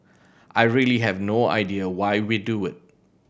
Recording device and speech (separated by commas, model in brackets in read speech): boundary microphone (BM630), read sentence